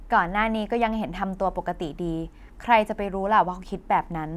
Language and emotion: Thai, neutral